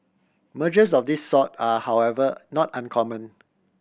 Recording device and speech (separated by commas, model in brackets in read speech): boundary microphone (BM630), read sentence